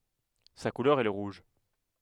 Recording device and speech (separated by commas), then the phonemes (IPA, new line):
headset microphone, read sentence
sa kulœʁ ɛ lə ʁuʒ